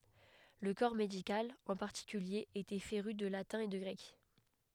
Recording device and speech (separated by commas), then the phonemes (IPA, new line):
headset microphone, read sentence
lə kɔʁ medikal ɑ̃ paʁtikylje etɛ feʁy də latɛ̃ e də ɡʁɛk